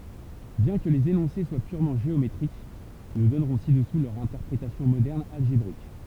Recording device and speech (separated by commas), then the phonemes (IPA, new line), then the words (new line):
temple vibration pickup, read sentence
bjɛ̃ kə lez enɔ̃se swa pyʁmɑ̃ ʒeometʁik nu dɔnʁɔ̃ sidɛsu lœʁ ɛ̃tɛʁpʁetasjɔ̃ modɛʁn alʒebʁik
Bien que les énoncés soient purement géométriques, nous donnerons ci-dessous leur interprétation moderne algébrique.